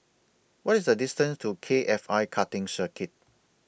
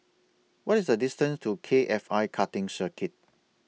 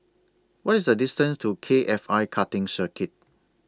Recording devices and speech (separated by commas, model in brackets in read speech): boundary microphone (BM630), mobile phone (iPhone 6), standing microphone (AKG C214), read sentence